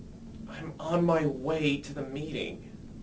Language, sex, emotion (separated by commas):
English, male, disgusted